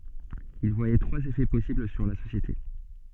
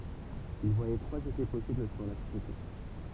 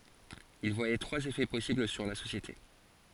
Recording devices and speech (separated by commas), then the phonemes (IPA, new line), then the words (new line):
soft in-ear microphone, temple vibration pickup, forehead accelerometer, read sentence
il vwajɛ tʁwaz efɛ pɔsibl syʁ la sosjete
Il voyait trois effets possibles sur la société.